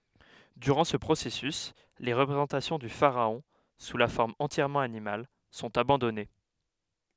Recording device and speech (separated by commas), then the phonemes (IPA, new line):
headset microphone, read sentence
dyʁɑ̃ sə pʁosɛsys le ʁəpʁezɑ̃tasjɔ̃ dy faʁaɔ̃ su la fɔʁm ɑ̃tjɛʁmɑ̃ animal sɔ̃t abɑ̃dɔne